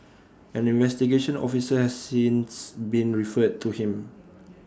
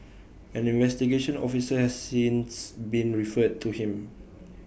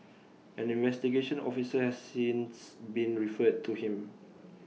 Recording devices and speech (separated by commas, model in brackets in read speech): standing microphone (AKG C214), boundary microphone (BM630), mobile phone (iPhone 6), read sentence